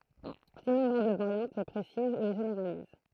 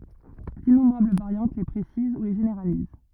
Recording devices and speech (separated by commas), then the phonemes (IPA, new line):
throat microphone, rigid in-ear microphone, read sentence
dinɔ̃bʁabl vaʁjɑ̃t le pʁesiz u le ʒeneʁaliz